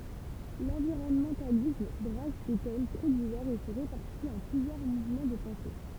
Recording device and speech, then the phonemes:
temple vibration pickup, read sentence
lɑ̃viʁɔnmɑ̃talism bʁas de tɛm tʁɛ divɛʁz e sə ʁepaʁtit ɑ̃ plyzjœʁ muvmɑ̃ də pɑ̃se

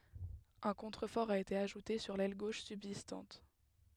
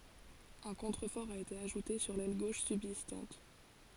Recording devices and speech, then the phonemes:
headset microphone, forehead accelerometer, read sentence
œ̃ kɔ̃tʁəfɔʁ a ete aʒute syʁ lɛl ɡoʃ sybzistɑ̃t

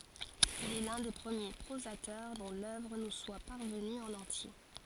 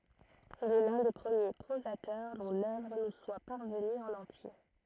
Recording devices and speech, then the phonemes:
forehead accelerometer, throat microphone, read sentence
il ɛ lœ̃ de pʁəmje pʁozatœʁ dɔ̃ lœvʁ nu swa paʁvəny ɑ̃n ɑ̃tje

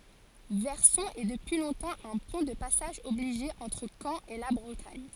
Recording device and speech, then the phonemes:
forehead accelerometer, read sentence
vɛʁsɔ̃ ɛ dəpyi lɔ̃tɑ̃ œ̃ pwɛ̃ də pasaʒ ɔbliʒe ɑ̃tʁ kɑ̃ e la bʁətaɲ

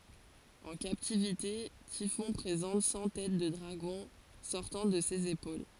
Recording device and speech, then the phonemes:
forehead accelerometer, read sentence
ɑ̃ kaptivite tifɔ̃ pʁezɑ̃t sɑ̃ tɛt də dʁaɡɔ̃ sɔʁtɑ̃ də sez epol

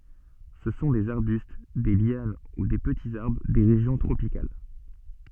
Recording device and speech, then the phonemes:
soft in-ear microphone, read sentence
sə sɔ̃ dez aʁbyst de ljan u de pətiz aʁbʁ de ʁeʒjɔ̃ tʁopikal

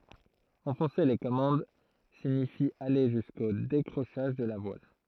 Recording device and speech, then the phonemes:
throat microphone, read sentence
ɑ̃fɔ̃se le kɔmɑ̃d siɲifi ale ʒysko dekʁoʃaʒ də la vwal

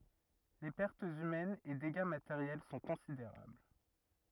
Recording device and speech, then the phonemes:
rigid in-ear microphone, read sentence
le pɛʁtz ymɛnz e deɡa mateʁjɛl sɔ̃ kɔ̃sideʁabl

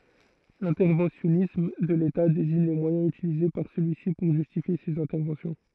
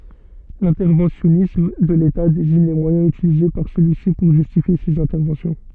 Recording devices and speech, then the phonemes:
throat microphone, soft in-ear microphone, read sentence
lɛ̃tɛʁvɑ̃sjɔnism də leta deziɲ le mwajɛ̃z ytilize paʁ səlyi si puʁ ʒystifje sez ɛ̃tɛʁvɑ̃sjɔ̃

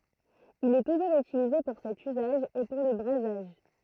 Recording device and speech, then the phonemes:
throat microphone, read sentence
il ɛ tuʒuʁz ytilize puʁ sɛt yzaʒ e puʁ lə bʁazaʒ

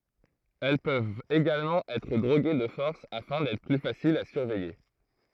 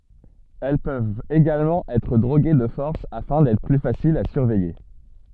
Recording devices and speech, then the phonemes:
throat microphone, soft in-ear microphone, read sentence
ɛl pøvt eɡalmɑ̃ ɛtʁ dʁoɡe də fɔʁs afɛ̃ dɛtʁ ply fasilz a syʁvɛje

